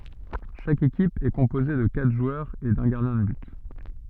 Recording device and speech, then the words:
soft in-ear microphone, read sentence
Chaque équipe est composée de quatre joueurs et d'un gardien de but.

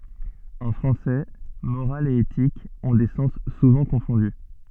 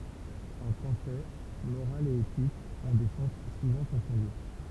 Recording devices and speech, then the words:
soft in-ear microphone, temple vibration pickup, read sentence
En français, morale et éthique ont des sens souvent confondus.

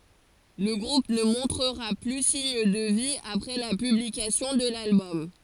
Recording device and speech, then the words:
forehead accelerometer, read sentence
Le groupe ne montrera plus signe de vie après la publication de l'album.

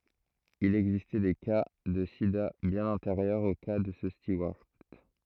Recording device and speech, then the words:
throat microphone, read sentence
Il existait des cas de sida bien antérieurs au cas de ce steward.

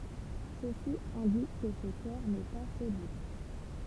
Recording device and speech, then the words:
temple vibration pickup, read sentence
Ceci indique que ce corps n'est pas solide.

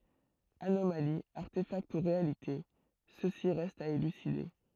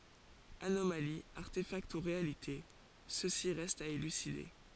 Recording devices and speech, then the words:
throat microphone, forehead accelerometer, read sentence
Anomalie, artéfact ou réalité, ceci reste à élucider.

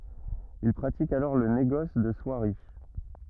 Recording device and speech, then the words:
rigid in-ear microphone, read sentence
Il pratique alors le négoce de soieries.

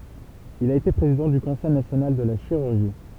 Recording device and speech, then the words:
temple vibration pickup, read sentence
Il a été président du Conseil national de la chirurgie.

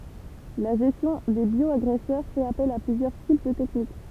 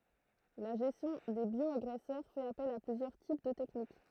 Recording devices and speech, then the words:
temple vibration pickup, throat microphone, read sentence
La gestion des bioagresseurs fait appel à plusieurs types de techniques.

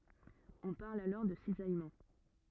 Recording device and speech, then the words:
rigid in-ear microphone, read sentence
On parle alors de cisaillement.

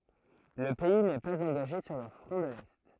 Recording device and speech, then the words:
throat microphone, read sentence
Le pays n'est pas engagé sur le Front de l'Est.

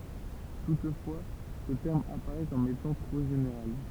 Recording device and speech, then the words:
temple vibration pickup, read sentence
Toutefois, ce terme apparait comme étant trop général.

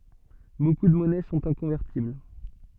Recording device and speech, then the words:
soft in-ear microphone, read sentence
Beaucoup de monnaies sont inconvertibles.

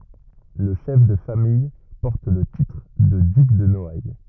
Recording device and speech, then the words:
rigid in-ear microphone, read sentence
Le chef de famille porte le titre de duc de Noailles.

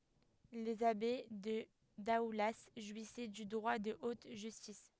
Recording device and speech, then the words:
headset microphone, read sentence
Les abbés de Daoulas jouissaient du droit de haute justice.

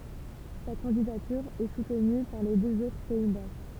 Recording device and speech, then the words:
temple vibration pickup, read sentence
Sa candidature est soutenue par les deux autres pays baltes.

